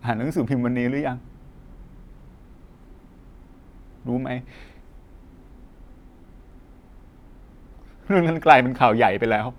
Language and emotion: Thai, sad